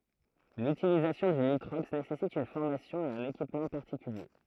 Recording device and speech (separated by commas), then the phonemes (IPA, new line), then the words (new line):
throat microphone, read sentence
lytilizasjɔ̃ dy nitʁɔks nesɛsit yn fɔʁmasjɔ̃ e œ̃n ekipmɑ̃ paʁtikylje
L'utilisation du nitrox nécessite une formation et un équipement particuliers.